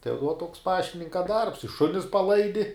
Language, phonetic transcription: Lithuanian, tai vuo toks ˈpaštininka darbs i ˈšunis paˈlaidi

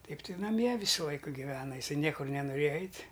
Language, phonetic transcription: Lithuanian, ˈtaip tai naˈmie ˈvysu ˈlaiku giˈvena iˈsai ˈniekur nenuˈrėja ˈeit'

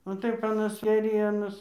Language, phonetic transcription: Lithuanian, o ˈtaip aˈnas ėˈrienos

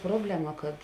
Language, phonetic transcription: Lithuanian, ˈprobleˌma kad

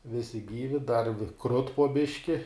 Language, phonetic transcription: Lithuanian, ˈvisi ˈgyvi dar vi krut po ˈbiški

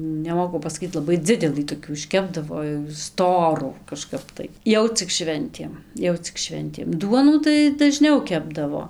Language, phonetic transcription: Lithuanian, neˈmoku pasaˈkyt laˈbai ˈdzidelɨ toˈkių išˈkepdavo jau ˈstorų kaˈžkap tai ˈjau cik ˈšventėm ˈjau cik ˈšventėm ˈduonų tai daˈžniau ˈkepdavo

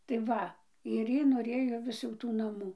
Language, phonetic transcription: Lithuanian, tai ˈva ir ˈjy noˈrėjo ˈvis jau ˈtų naˈmų

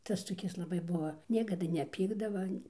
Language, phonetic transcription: Lithuanian, ˈtas toˈkis laˈbai ˈbuva ˈniekada neˈpykdava an'

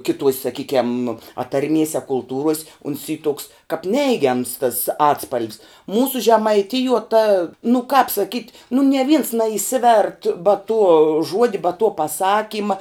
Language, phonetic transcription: Lithuanian, ˈkiˌtuos' saˈkykiam patarˈmies' a kulˈtūruos' uns y tuks kap ˈneigiams tas ˈatspal'v's ˈmūsu žemaiˈtijuo ta nu kap saˈkyt' nu nie vins naiˈsivert ba tuo ˈžuodi ba tuo paˈsakyma

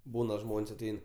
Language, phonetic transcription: Lithuanian, ˈbūna ˈžmon's' aˈtein

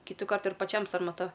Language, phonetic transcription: Lithuanian, ˈkytukart ir paˈčiam sarmaˈta

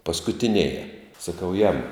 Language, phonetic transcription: Lithuanian, paskutiˈnėje saˈkau jamu

